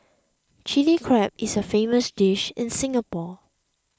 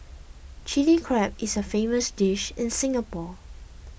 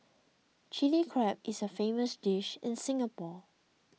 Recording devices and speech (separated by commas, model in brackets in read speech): close-talking microphone (WH20), boundary microphone (BM630), mobile phone (iPhone 6), read sentence